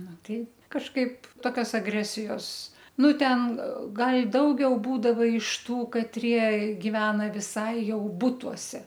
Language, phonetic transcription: Lithuanian, ˈnu ˈtai kažˈkaip ˈtokios aˈgresijos ˈnu ˈten ˈgal' ˈdaugiau ˈbūdava iš ˈtų katˈrie giˈvena viˈsai ˈjau ˈbutuose

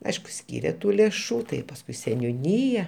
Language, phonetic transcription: Lithuanian, ˈaišku ˈskyrė ˈtų lėˈšų tai pasˈkui seniuˈnyja

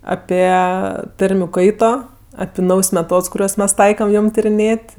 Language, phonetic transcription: Lithuanian, ˈapie ˈtarmiu ˈkaito api ˈnaujs meˈtods kuˈriuos ˈmes ˈtaikam ˈjom tiriˈnėt'

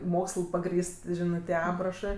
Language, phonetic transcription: Lithuanian, ˈmoksl paˈgrįst ˈžinɜ tie ˈaprašɜ

